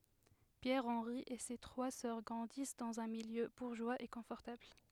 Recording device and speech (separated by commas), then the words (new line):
headset microphone, read sentence
Pierre Henri et ses trois sœurs grandissent dans un milieu bourgeois et confortable.